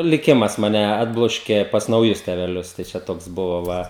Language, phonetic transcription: Lithuanian, liˈkimas ˈmane ˈatbloškė pas nauˈjus teveˈlius tai ˈčia ˈtoks ˈbuvo ˈva

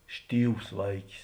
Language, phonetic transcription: Lithuanian, ˈštyvs ˈvaikis

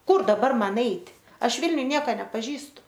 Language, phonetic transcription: Lithuanian, ˈkur daˈbar ˈman ˈeit' ˈaš ˈvilniuj ˈnieko nepaˈžįstu

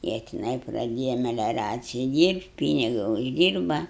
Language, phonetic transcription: Lithuanian, ˈjie tiˈnai praˈdėja meliaˈraciji ˈdyrbt ˈpyniga užˈdyrba

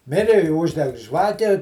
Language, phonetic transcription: Lithuanian, ˈmiri i ˈužˈdeg ˈžvake

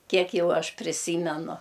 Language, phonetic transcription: Lithuanian, ˈkiek ˈjau ˈaš priˈsymenu

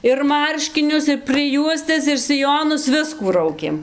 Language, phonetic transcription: Lithuanian, ir ˈmarškinius ir prɨˈjuostes ir siˈjonus ˈviskų ˈraukėm

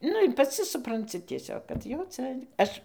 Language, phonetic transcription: Lithuanian, ˈnu ir paˈci supranˈci tieˈsiog kad jau ˈca ˈaš

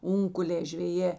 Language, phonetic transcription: Lithuanian, ˈunkulė žveˈjė

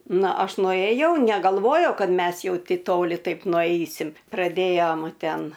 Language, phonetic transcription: Lithuanian, ˈna ˈaš nuėˈjau negalˈvojau ˈkad ˈmes jau ˈtei ˈtoli ˈtaip nuˈaisim' praˈdėjom ˈten

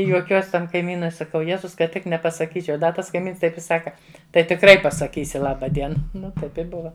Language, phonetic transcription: Lithuanian, i juoˈkiuos' ˈtam kaiˈmynui saˈkau ˈjėzus kad ˈtik nepasaˈkyčiau ˈda ˈtas kaiˈmyns ˈtaip i ˈsaka ˈtai tikˈrai pasaˈkysi ˈlaba ˈdiena ˈnu ˈtaip i ˈbuva

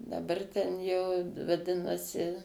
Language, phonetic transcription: Lithuanian, daˈbar ten jau vaˈdinasi

